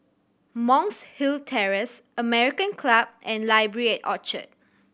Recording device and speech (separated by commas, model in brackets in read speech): boundary microphone (BM630), read sentence